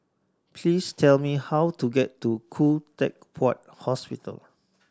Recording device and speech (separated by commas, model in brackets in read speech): standing microphone (AKG C214), read sentence